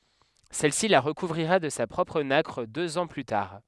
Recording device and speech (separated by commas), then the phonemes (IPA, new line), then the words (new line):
headset microphone, read sentence
sɛlsi la ʁəkuvʁiʁa də sa pʁɔpʁ nakʁ døz ɑ̃ ply taʁ
Celle-ci la recouvrira de sa propre nacre deux ans plus tard.